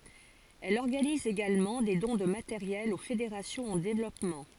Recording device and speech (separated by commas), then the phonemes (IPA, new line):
forehead accelerometer, read sentence
ɛl ɔʁɡaniz eɡalmɑ̃ de dɔ̃ də mateʁjɛl o fedeʁasjɔ̃z ɑ̃ devlɔpmɑ̃